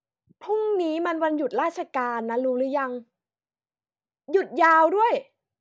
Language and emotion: Thai, frustrated